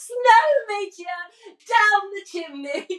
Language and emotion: English, happy